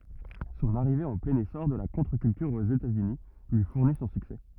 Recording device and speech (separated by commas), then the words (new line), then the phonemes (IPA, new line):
rigid in-ear microphone, read sentence
Son arrivée en plein essor de la contre-culture aux États-Unis lui fournit son succès.
sɔ̃n aʁive ɑ̃ plɛ̃n esɔʁ də la kɔ̃tʁəkyltyʁ oz etatsyni lyi fuʁni sɔ̃ syksɛ